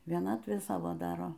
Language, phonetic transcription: Lithuanian, vieˈnatvė ˈsavo ˈdaro

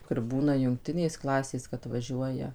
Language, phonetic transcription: Lithuanian, kur ˈbūna jungˈtinės ˈklasės kad vaˈžiuoja

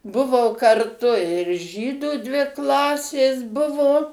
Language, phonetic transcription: Lithuanian, ˈbuvo karˈtu ir ˈžydu dvi ˈklasės ˈbuvo

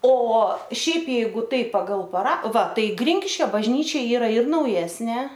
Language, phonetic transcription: Lithuanian, o ˈšiaip ˈjeigu ˈtaip pagal paˈra va ˈtai ˈgrinkiškio bažˈnyčia ˈyra ir nauˈjesnė

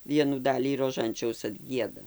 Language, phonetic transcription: Lithuanian, ˈvienų ˈdalį roˈžančiaus atˈgieda

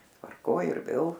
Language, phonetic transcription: Lithuanian, tvarˈkoj ir ˈvėl

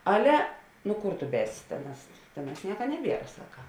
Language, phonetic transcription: Lithuanian, ˈale ˈnu ˈkur tu ˈbēsi ˈtėˌnās ˈtėˌnās ˈnieka ˈneˌbiera ˈsaka

